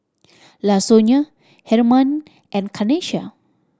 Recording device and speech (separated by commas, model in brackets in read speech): standing microphone (AKG C214), read sentence